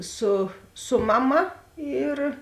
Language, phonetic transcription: Lithuanian, ˈsu ˈsu maˌma ˈyr

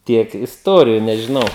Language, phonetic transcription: Lithuanian, ˈtiek isˈtuoriju nežiˈnau

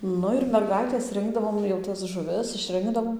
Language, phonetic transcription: Lithuanian, ˈnu ir merˈgaitės ˈrinkdavom jau ˈtas žuˈvis išˈrinkdavom

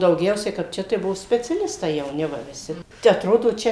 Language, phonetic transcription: Lithuanian, dauˈgiausiai kap ˈčia tai ˈbuo speciaˈlistai jauˈni va viˈsi te atˈrodo ˈčia

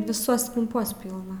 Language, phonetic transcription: Lithuanian, viˈsuos kamˈpuos ˈpylna

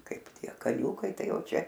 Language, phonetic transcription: Lithuanian, ˈkaip ˈtie kaˈniūkai ˈtai ˈjau ˈčia

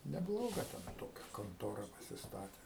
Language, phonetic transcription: Lithuanian, neˈbloga ten ˈtokia konˈtora pasisˈtatė

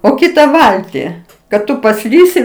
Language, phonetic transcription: Lithuanian, o ˈkita ˈvalti kad ˈtu paˈslysi

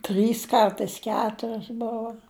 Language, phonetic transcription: Lithuanian, ˈtrys ˈkartais ˈketurios ˈbovo

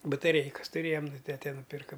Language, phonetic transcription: Lithuanian, bataˈreikas tuˈrėjam nu ˈtete nuˈpirka

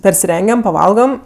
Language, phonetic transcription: Lithuanian, persiˈrengiam paˈvalgam

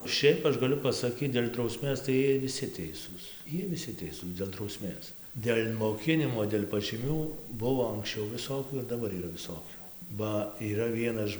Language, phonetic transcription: Lithuanian, ˈšiaip ˈaš gaˈliu pasaˈkyt dėl' drauˈsmės tai ˈjiej viˈsi ˈteisūs ˈjiej viˈsi ˈteisūs dėl drauˈsmės dėl' moˈkinimo dėl' pažyˈmių ˈbuvo anksˈčiau viˈsokių ir daˈbar yˈra viˈsokių ˈba yˈra ˈvienaž

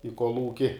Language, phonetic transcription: Lithuanian, i kolˈūki

